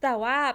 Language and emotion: Thai, frustrated